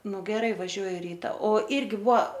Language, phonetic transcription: Lithuanian, ˈnu geˈrai vaˈžiuoju ˈryta o ˈirgi ˈbua

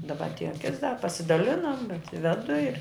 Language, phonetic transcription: Lithuanian, daˈba atˈėja kits da pasiˈdalinam bet ˈvedu ir

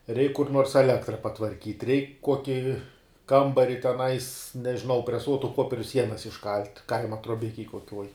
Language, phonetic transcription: Lithuanian, reik kur nuors eˈlektra patvarˈkyt reik ˈkuoki ˈkambari teˈnais nežiˈnau preˈsuotu ˈpopieriu ˈsienas išˈkalt' ˈkaima truoˈbikej kuoˈkiuoj

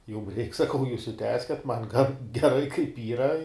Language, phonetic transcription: Lithuanian, jum reik saˈkau jūs i ˈtęskiat man gan geˈrai kaip ˈyra

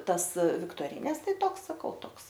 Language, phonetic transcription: Lithuanian, ˈtas viktoˈrynes ˈtai ˈtoks saˈkau ˈtoks

